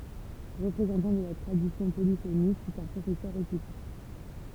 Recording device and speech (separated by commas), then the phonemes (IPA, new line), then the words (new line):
temple vibration pickup, read sentence
ʁəpʁezɑ̃tɑ̃ də la tʁadisjɔ̃ polifonik sɛt œ̃ pʁofɛsœʁ ʁepyte
Représentant de la tradition polyphonique, c'est un professeur réputé.